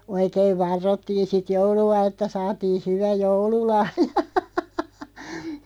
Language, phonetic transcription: Finnish, 'oikeiv "varrottiin̬ sit 'joulu₍a että 'saatii 'hyvä "joulu'lahjᴀ .
- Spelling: oikein varrottiin sitten joulua että saatiin hyvä joululahja

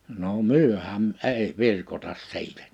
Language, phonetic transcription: Finnish, no "myöhäm̳ '’ei 'virkotas 'si̬itᴀ̈ .
- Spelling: no mehän ei virkota siitä

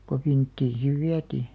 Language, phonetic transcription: Finnish, ko 'vinttiin siv "viätii .
- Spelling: kun vinttiin sitten vietiin

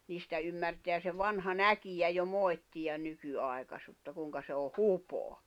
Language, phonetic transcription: Finnish, 'niistä ymmärteä se 'vanha "näkijä jo 'mòi̬ttiʲan̆ 'nyky'ài̬kasutta 'kùⁱŋka se o "hupoa .
- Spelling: niistä ymmärtää se vanha näkijä jo moittia nykyaikaisuutta kuinka se on hupaa

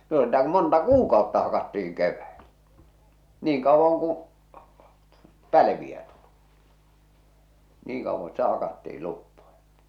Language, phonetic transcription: Finnish, no sitä ku monta "kuukàotta hakattiiŋ 'kevväelä , "niiŋ 'kàowwaŋ kuṵ , 'päiviä tulɪ , 'niiŋ kauvvan̬ 'sitä 'hakatti₍il 'luppoja .
- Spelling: no sitä kun monta kuukautta hakattiin keväällä niin kauan kuin päiviä tuli niin kauan sitä hakattiin luppoja

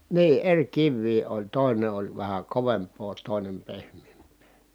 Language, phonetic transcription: Finnish, nii , eŕ kivvii oĺ , tòine oĺ vähä kovemp̆poo tòinem pehm̀eemp̀ee .
- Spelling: niin eri kiviä oli toinen oli vähän kovempaa toinen pehmeämpää

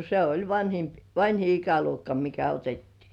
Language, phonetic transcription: Finnish, se 'oĺ vańhimp- "vańhi 'ikäluokka mikä 'otettii .
- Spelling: se oli - vanhin ikäluokka mikä otettiin

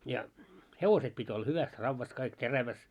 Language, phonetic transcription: Finnish, ja , 'hevoset pit́ olla "hyväs 'ravvas kaik "teräväs .
- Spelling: ja hevoset piti olla hyvässä raudassa kaikki terävässä

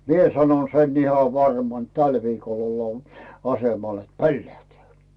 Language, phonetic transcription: Finnish, » 'mie 'sanon 'sen 'iha "varman ‿t 'täl viikol ollaa , 'asemal ‿et "pollähtᵉä̀ « .
- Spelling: minä sanoin sen ihan varmaan että tällä viikolla ollaan asemalla että pollähtää

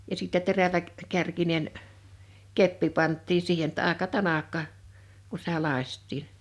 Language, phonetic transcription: Finnish, ja sìttɛ 'terävä- , -'kärkinen , 'keppi 'panttii 'siihen ‿tta àeka "tanakka , ku sⁱᵗä 'làⁱst̆tiiɴ .
- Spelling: ja sitten - teräväkärkinen keppi pantiin siihen jotta aika tanakka kun sitä lakaistiin

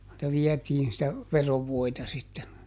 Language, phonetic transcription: Finnish, (si)tä ˈviɛtiin sitä , "verovvoita sitten .
- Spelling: sitä vietiin sitä veronvoita sitten

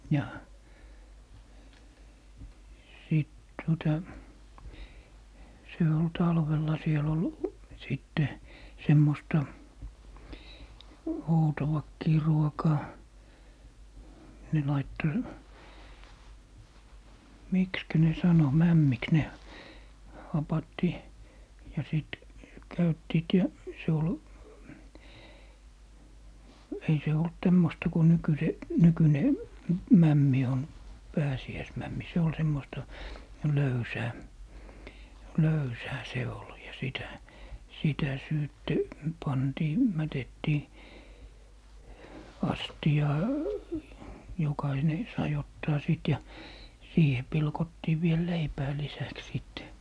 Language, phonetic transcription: Finnish, ja , sìt tuota , se ol 'talvella 'siel ‿ol , 'sìtte , 'semmosta , "outowakkii 'ruokaa , ne 'laitto , "mikskä ne 'sano , "mämmiks ne , 'hapatti , ja sìt , 'käyttiit ja , 'se ol , 'ei 'se olt 'tämmosta ku 'nykyse , 'nykyne , "mämmi on , "pääsi₍äismämmi 'se ol 'semmosta , 'löysää , "löysää 'se ol ja 'sitä , 'sitä 'syytte 'pantii , 'mätettii , "astiʲaa , jokaine "sai 'ottaa sit ja , 'siihe 'pilkottii viel "leipää 'lisäks sìtte .
- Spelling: ja sitten tuota se oli talvella siellä oli sitten semmoista outoakin ruokaa ne laittoi miksikä ne sanoi mämmiksi ne hapatti ja sitten käyttivät ja se oli ei se ollut tämmöistä kuin - nykyinen mämmi on pääsiäismämmi se oli semmoista löysää löysää se oli ja sitä sitä sitten pantiin mätettiin astiaan jokainen sai ottaa sitten ja siihen pilkottiin vielä leipää lisäksi sitten

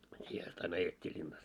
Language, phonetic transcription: Finnish, siihe ast ain 'ajet́t́ii ĺinnas .
- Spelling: siihen asti aina ajettiin linnassa

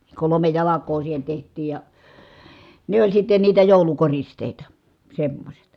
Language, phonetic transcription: Finnish, kolome jalak̀oo siihen̬ teht̀iij ja , ne oĺ sitte niitä jòulukoristèita , semmośet .
- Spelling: kolme jalkaa siihen tehtiin ja ne oli sitten niitä joulukoristeita semmoiset

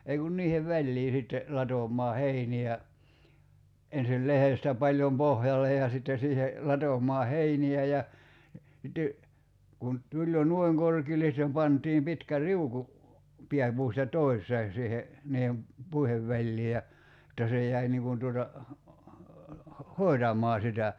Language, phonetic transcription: Finnish, ei kun 'niihev "väĺlii sitte , 'latom̀aa "heini₍ä , ensil 'lehestä 'paĺjom "pohjal̆lej ja sitte siihe , 'latom̀aa "heini₍ä ja , sitte , kun , 'tuĺ jo "nᵘoi̬ŋ 'korkiil̆le sⁱttem 'pant̀iim 'pitkä "riuku , 'piäpuusta "tois̀een̬ siihe , 'niihem , "puihev väĺlii ja , [jot]ta se jäi niiŋ kun tuota , 'hoi̬tam̆maa sitä .
- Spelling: ei kun niiden väliin sitten latomaan heiniä ensin lehdestä paljon pohjalle ja sitten siihen latomaan heiniä ja sitten kun tuli jo noin korkealle sitten pantiin pitkä riuku pääpuusta toiseen siihen niiden puiden väliin ja jotta se jäi niin kuin tuota hoitamaan sitä

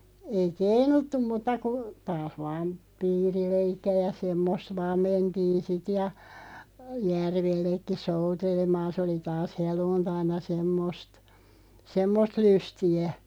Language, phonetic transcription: Finnish, 'ei "keinuttum mutta ku , taah vaam 'piirileikki₍ä ja 'semmosᵗ "vaam 'mentiin̬ 'sit ja , "järvellekki 'soutelemaan̬ sᵉ oli 'taas "heluuntaina 'semmost , "semmost 'lysti₍ä .
- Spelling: ei keinuttu mutta kun taas vain piirileikkiä ja semmoista vain mentiin sitten ja järvellekin soutelemaan se oli taas helluntaina semmoista semmoista lystiä

